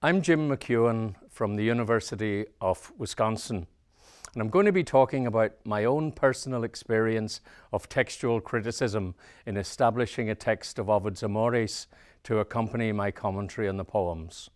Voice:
low tone